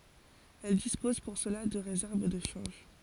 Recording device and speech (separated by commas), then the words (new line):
forehead accelerometer, read sentence
Elles disposent pour cela de réserves de change.